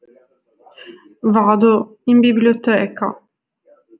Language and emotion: Italian, sad